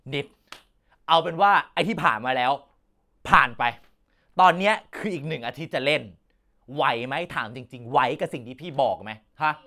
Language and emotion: Thai, angry